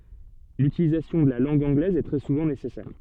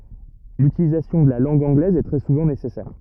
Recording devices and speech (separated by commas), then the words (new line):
soft in-ear microphone, rigid in-ear microphone, read sentence
L'utilisation de la langue anglaise est très souvent nécessaire.